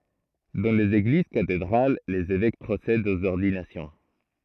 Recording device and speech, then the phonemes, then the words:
throat microphone, read sentence
dɑ̃ lez eɡliz katedʁal lez evɛk pʁosɛdt oz ɔʁdinasjɔ̃
Dans les églises cathédrales, les évêques procèdent aux ordinations.

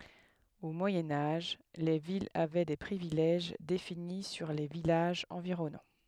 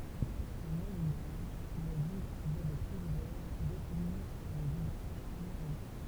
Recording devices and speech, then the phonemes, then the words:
headset microphone, temple vibration pickup, read sentence
o mwajɛ̃ aʒ le vilz avɛ de pʁivilɛʒ defini syʁ le vilaʒz ɑ̃viʁɔnɑ̃
Au Moyen Âge, les villes avaient des privilèges définis sur les villages environnants.

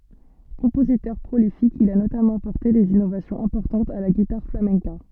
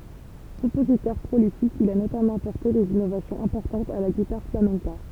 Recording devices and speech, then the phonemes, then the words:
soft in-ear microphone, temple vibration pickup, read sentence
kɔ̃pozitœʁ pʁolifik il a notamɑ̃ apɔʁte dez inovasjɔ̃z ɛ̃pɔʁtɑ̃tz a la ɡitaʁ flamɛ̃ka
Compositeur prolifique, il a notamment apporté des innovations importantes à la guitare flamenca.

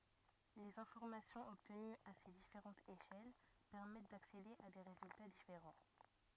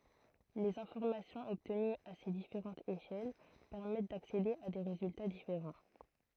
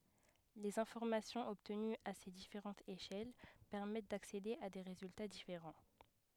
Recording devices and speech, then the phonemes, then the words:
rigid in-ear microphone, throat microphone, headset microphone, read sentence
lez ɛ̃fɔʁmasjɔ̃z ɔbtənyz a se difeʁɑ̃tz eʃɛl pɛʁmɛt daksede a de ʁezylta difeʁɑ̃
Les informations obtenues à ces différentes échelles permettent d'accéder à des résultats différents.

